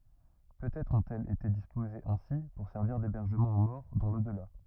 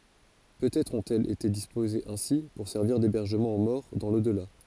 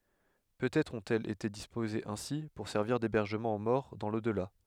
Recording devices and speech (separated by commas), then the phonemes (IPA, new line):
rigid in-ear microphone, forehead accelerometer, headset microphone, read sentence
pøtɛtʁ ɔ̃tɛlz ete dispozez ɛ̃si puʁ sɛʁviʁ debɛʁʒəmɑ̃ o mɔʁ dɑ̃ lodla